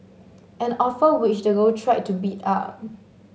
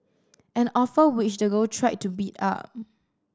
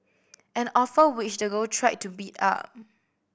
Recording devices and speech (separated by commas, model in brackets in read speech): mobile phone (Samsung S8), standing microphone (AKG C214), boundary microphone (BM630), read sentence